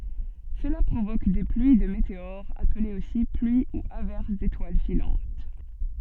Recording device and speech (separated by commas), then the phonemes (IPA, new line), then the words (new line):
soft in-ear microphone, read sentence
səla pʁovok de plyi də meteoʁz aplez osi plyi u avɛʁs detwal filɑ̃t
Cela provoque des pluies de météores, appelées aussi pluies ou averses d'étoiles filantes.